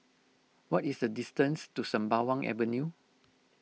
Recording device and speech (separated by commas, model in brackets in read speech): mobile phone (iPhone 6), read sentence